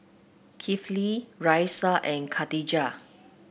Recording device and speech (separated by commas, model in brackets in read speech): boundary microphone (BM630), read sentence